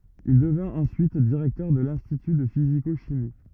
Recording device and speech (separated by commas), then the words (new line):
rigid in-ear microphone, read sentence
Il devint ensuite directeur de l'institut de physico-chimie.